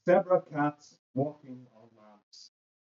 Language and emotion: English, neutral